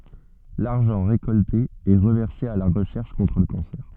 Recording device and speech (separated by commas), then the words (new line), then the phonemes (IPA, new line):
soft in-ear microphone, read sentence
L'argent récolté est reversé à la recherche contre le cancer.
laʁʒɑ̃ ʁekɔlte ɛ ʁəvɛʁse a la ʁəʃɛʁʃ kɔ̃tʁ lə kɑ̃sɛʁ